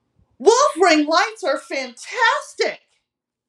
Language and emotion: English, disgusted